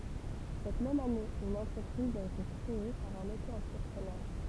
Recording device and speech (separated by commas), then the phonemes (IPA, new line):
temple vibration pickup, read sentence
sɛt mɛm ane yn ɑ̃tʁəpʁiz a ete kʁee paʁ œ̃n oto ɑ̃tʁəpʁənœʁ